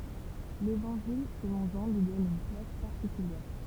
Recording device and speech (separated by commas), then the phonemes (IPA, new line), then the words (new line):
temple vibration pickup, read sentence
levɑ̃ʒil səlɔ̃ ʒɑ̃ lyi dɔn yn plas paʁtikyljɛʁ
L'évangile selon Jean lui donne une place particulière.